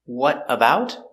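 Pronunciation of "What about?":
In 'What about', the t at the end of 'what' sounds like a d because it falls between vowels.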